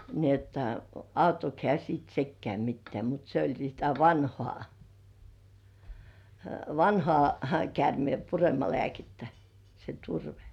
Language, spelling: Finnish, niin että auttoiko hän sitten sekään mitään mutta se oli sitä vanhaa vanhaa käärmeenpuremalääkettä se turve
- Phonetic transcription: ni ‿että "auttok 'hĕä̀§ siit 'sekkĕä̀§ mittĕä̀ mut se oĺ sitä 'vanhŏà , "vanhŏà§ 'kärmĭempuremalĕä̀kettä , se 'turvᴇ .

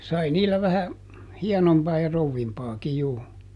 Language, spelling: Finnish, sai niillä vähän hienompaa ja krouvimpaakin juu
- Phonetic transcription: ˈsai ˈniillä vähä , ˈhiɛnompaa ja ˈrouvvimpaaki juu .

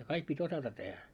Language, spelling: Finnish, ja kaikki piti osata tehdä
- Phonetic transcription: ja 'kaik pi't́ ‿osata tehä .

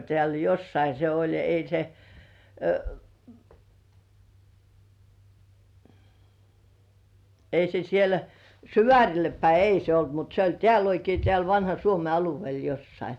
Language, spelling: Finnish, täällä jossakin se oli ei se ei se siellä Syvärille päin ei se ollut mutta se oli täällä oikein täällä vanhan Suomen alueella jossakin
- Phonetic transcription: 'tĕä̀l "jossai se oĺ ei se , ei se 'siel , "Syvä̀ŕille päi 'ei se 'olt mut se ‿oĺ 'tĕä̀l oikei tĕä̀l 'vanha "Suome aluvĭèl 'jossai .

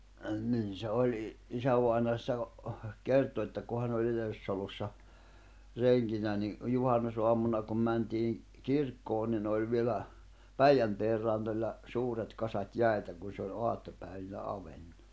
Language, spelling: Finnish, - niin se oli - isävainaja sitä - kertoi että kun hän oli yhdessä talossa renkinä niin juhannusaamuna kun mentiin kirkkoon niin oli vielä Päijänteen rannoilla suuret kasat jäitä kun se oli aattopäivinä auennut
- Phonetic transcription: ə 'nin se 'oĺ i- , 'isävàina sⁱtä o- , 'kerto että ku 'hän ‿oĺ yhesʿˢᵃ̈ʾ -talossa , 'reŋkinä ni , 'juhannusoam̆muna kuin mäntii₍ "kirkkoon nin ‿oĺ vielä , "Päijänteer rannoĺla , 'suuret kasat "jä̀i̬tä kun̬ se oĺ "oattopä̀ivinä 'avennu .

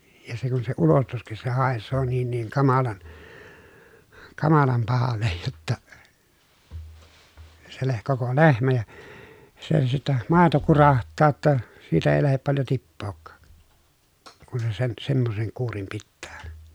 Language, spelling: Finnish, ja se kun se ulostuskin se haisee niin niin kamalan kamalan pahalle jotta se - koko lehmä ja se sitten maito kurahtaa jotta siitä ei lähde paljon tippaakaan kun se sen semmoisen kuurin pitää
- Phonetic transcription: ja se kun se ulostuskis se hàessoo niin niiŋ kamalan , kamalam pahallej jotta , se leh- koko lehmä ja , se sittɛ màeto kuraht̆taa ‿tta , siitä èi lähep paljo tippookkaak , kun se sen , semmoseŋ kuurim pittää .

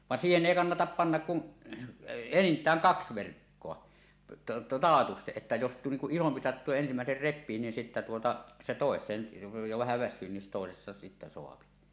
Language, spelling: Finnish, vaan siihen ei kannata panna kuin enintään kaksi verkkoa taatusti että jos niin kuin isompi sattuu ja ensimmäinen repii niin sitten tuota se toiseen jo vähän väsyy niin toisesta sitten saa
- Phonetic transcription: 'vàn siihen èi "kannatap 'pannak 'kun , "enint̀ääŋ kaks 'verkkoa , "taatusteˀ 'ˀettä jos niŋ kuˀ 'ˀisompi sattuu ja 'ensimä̀eser "rep̆pii niin sittä tuota , se "tòes̀een , jo vähä väs̆syy nin "tòesesta sittä 'soapi .

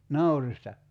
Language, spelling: Finnish, naurista
- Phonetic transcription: 'naurista ?

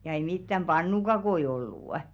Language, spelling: Finnish, ja ei mitään pannukakkuja ollut
- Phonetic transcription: ja ei mittäm "ʙannukakoi 'ollù' .

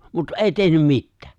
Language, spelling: Finnish, mutta ei tehnyt mitään
- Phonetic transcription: mut "’èi 'tehnym "mittᴀ̈ᴀ̈ .

